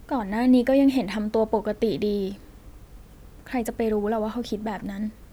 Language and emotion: Thai, sad